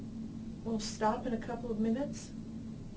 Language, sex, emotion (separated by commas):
English, female, fearful